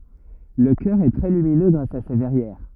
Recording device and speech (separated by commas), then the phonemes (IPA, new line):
rigid in-ear microphone, read sentence
lə kœʁ ɛ tʁɛ lyminø ɡʁas a se vɛʁjɛʁ